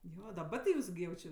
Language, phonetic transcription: Lithuanian, ˈjo daˈba ti ˈjūs gi jau ˈči

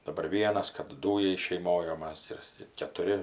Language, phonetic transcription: Lithuanian, daˈbar ˈvienas kap ˈdūjai šeiˈmoj o ˈmas ir ir ketuˈri

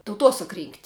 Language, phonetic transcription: Lithuanian, tauˈtosak rynkt'

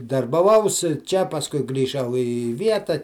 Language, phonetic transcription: Lithuanian, darbaˈvaus čia pasˈkui grįˈžau i ˈvieta

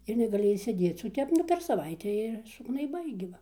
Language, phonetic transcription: Lithuanian, ir negaˈli išsėˈdėc o ˈtep nu per saˈvaitę ir sugnaiˈbai gi ˈva

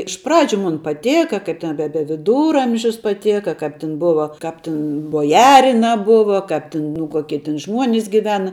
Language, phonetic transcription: Lithuanian, iš ˈpradžiu ˈmun paˈtėka ˈkaip ten be be viˈdūramžius paˈtėka ˈkap ten ˈbuva ˈkap tin boˈjarina ˈbuva kap tin nu ˈkuokie tin ˈžmuonis giˈvena

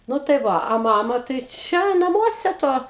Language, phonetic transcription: Lithuanian, ˈnu tai ˈva a ˈmama tai ˈčia naˈmuose ˈto

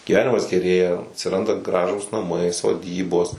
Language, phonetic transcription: Lithuanian, gyˈvenimas geˈrėja atsiˈranda ˈgražūs naˈmai soˈdybos

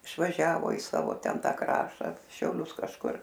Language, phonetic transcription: Lithuanian, išvaˈžiavo i ˈsavo ˈten ˈtą ˈkrašta šiauˈlius kažˈkur

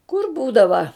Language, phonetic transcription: Lithuanian, kur ˈbūdava

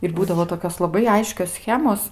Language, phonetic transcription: Lithuanian, ir ˈbūdavo toˈkios laˈbai ˈaiškios ˈschemos

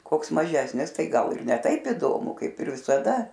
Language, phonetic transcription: Lithuanian, ˈkoks maˈžesnis ˈtai ˈgal ir ne ˈtaip iˈdomu ˈkaip ir visaˈda

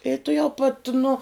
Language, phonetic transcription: Lithuanian, i tuˈjau pat nu

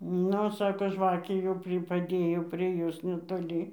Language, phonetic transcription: Lithuanian, ˈnu ˈsako ˈžvakė jau ˈpri paˈdėjo prie ˈjos netoˈly

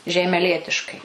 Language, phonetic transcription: Lithuanian, žeimeˈlietiškai

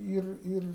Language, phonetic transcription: Lithuanian, ˈyr ˈyr

